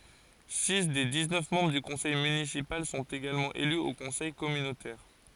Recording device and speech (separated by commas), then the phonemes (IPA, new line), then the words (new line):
forehead accelerometer, read sentence
si de diksnœf mɑ̃bʁ dy kɔ̃sɛj mynisipal sɔ̃t eɡalmɑ̃ ely o kɔ̃sɛj kɔmynotɛʁ
Six des dix-neuf membres du conseil municipal sont également élus au conseil communautaire.